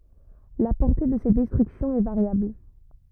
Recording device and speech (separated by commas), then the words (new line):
rigid in-ear microphone, read sentence
La portée de ces destructions est variable.